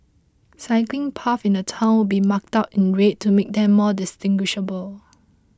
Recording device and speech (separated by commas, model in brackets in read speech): close-talking microphone (WH20), read sentence